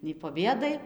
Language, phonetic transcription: Lithuanian, nei po ˈbėdai

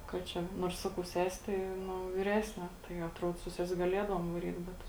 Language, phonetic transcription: Lithuanian, kad ˈčia ˈnuors ˈsakau ˈsesi tai ˈnu viˈresnė tai atˈruod su ˈses' gaˈliedavuom vaˈryt ˈbet

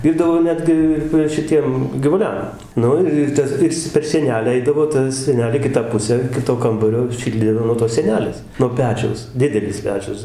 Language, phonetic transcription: Lithuanian, ˈvyrdavo ˈnetgi ir va šiˈtiem givuˈliam ˈnu ir ir ˈtas ˈir is cia per sieˈnelę ˈeidavo ˈta sieˈnelė ˈkitą pusę ˈkito ˈkambario ˈšildė nuo tos sieˈnelės nuo ˈpečiaus ˈdidelis ˈpečius

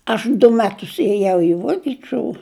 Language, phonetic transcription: Lithuanian, ˈaš du ˈmetus ėˈjau i ˈvuokiˈčiu

